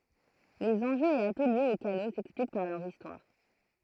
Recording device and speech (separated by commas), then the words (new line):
throat microphone, read sentence
Les enjeux et atouts liés aux canaux s'expliquent par leur histoire.